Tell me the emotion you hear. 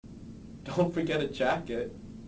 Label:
neutral